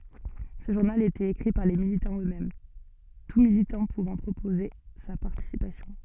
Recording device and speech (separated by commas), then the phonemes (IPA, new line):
soft in-ear microphone, read sentence
sə ʒuʁnal etɛt ekʁi paʁ le militɑ̃z øksmɛm tu militɑ̃ puvɑ̃ pʁopoze sa paʁtisipasjɔ̃